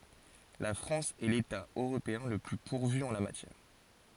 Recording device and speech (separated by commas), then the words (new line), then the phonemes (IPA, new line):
forehead accelerometer, read sentence
La France est l'État européen le plus pourvu en la matière.
la fʁɑ̃s ɛ leta øʁopeɛ̃ lə ply puʁvy ɑ̃ la matjɛʁ